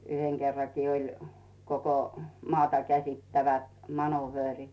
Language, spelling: Finnish, yhden kerrankin oli koko maata käsittävät manööverit
- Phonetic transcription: 'yheŋ kerrakii oĺ , koko , 'maata käsittävät 'manu'vöörit .

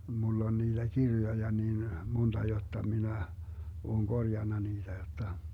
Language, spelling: Finnish, minulla on niitä kirjoja niin monta jotta minä olen korjannut niitä jotta
- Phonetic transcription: 'mull ‿on niiDä 'kirjoja niin , 'monta jotta 'minä , 'ooŋ "Gorjanna 'niiDä jotta ,.

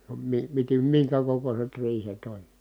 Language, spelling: Finnish, - - - minkä kokoiset riihet oli
- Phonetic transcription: ə mi- , mite- , miŋkä kokoset riihet ‿oĺ .

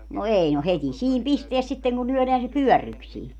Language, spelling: Finnish, no ei no heti siinä pistää sitten kun lyödään se pyörryksiin
- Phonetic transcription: no 'ei no 'het́i "siim 'pisteäs sitteŋ ku 'lyɔ̈̀leän se "pyɔ̈̀rryksii .

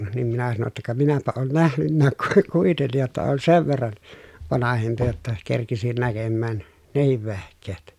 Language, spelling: Finnish, niin minä sanoin jotta ka minäpä ole nähnytkään - kuitenkin jotta olen sen verran vanhempi jotta kerkisin näkemään nekin vehkeet
- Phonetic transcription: nim minä sano ‿tta » ka minäpä oon nähnynnääk ku - , kuitennij jotta oon sev verran , vanahempi jotta , kerkisin näkemmään , nehiv vehk̀eet » .

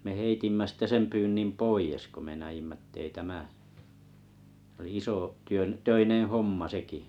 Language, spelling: Finnish, me heitimme sitten sen pyynnin pois kun me näimme että ei tämä se oli iso työn töinen homma sekin
- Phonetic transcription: me 'heitimmä sitte 'sem pyynnin̳ "poijes ko me 'näjimmä ettei 'tämä , s ‿oli 'isò’ , 'työn , -'töineḛ "homma 'sekì .

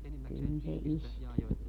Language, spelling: Finnish, kyllä se iskee
- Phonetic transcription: kyl se 'iskee .

